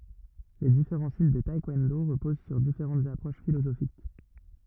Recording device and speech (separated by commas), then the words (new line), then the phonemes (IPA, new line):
rigid in-ear microphone, read sentence
Les différents styles de taekwondo reposent sur différentes approches philosophiques.
le difeʁɑ̃ stil də taɛkwɔ̃do ʁəpoz syʁ difeʁɑ̃tz apʁoʃ filozofik